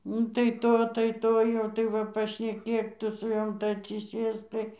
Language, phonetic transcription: Lithuanian, ˈnu tai ˈto tai ˈto jau tai ˈva pašneˈkėk ˈtu su ˈjom tai atsiˈsėsk ˈtai

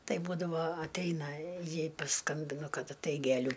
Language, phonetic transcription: Lithuanian, ˈtai ˈbūdavo atˈeina ˈjai paˈskambinu ˈkad atˈaik geˈlių

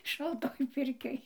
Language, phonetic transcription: Lithuanian, šalˈtoj ˈpirkioj

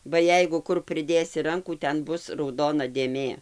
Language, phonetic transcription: Lithuanian, ba ˈjeigu ˈkur priˈdėsi ˈrankų ˈten ˈbus rauˈdona dėˈmė

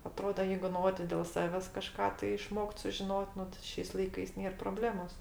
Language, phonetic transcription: Lithuanian, aˈtroda ˈjeigu ˈno ti dėl ˈsaves kaˈžką tai iˈšmokt sužiˈnot' ˈnu tai ˈšiais laiˈkais ˈnėr proˈblemos

